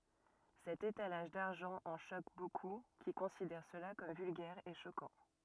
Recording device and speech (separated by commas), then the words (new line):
rigid in-ear microphone, read sentence
Cet étalage d'argent en choque beaucoup, qui considèrent cela comme vulgaire et choquant.